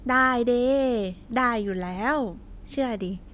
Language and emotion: Thai, happy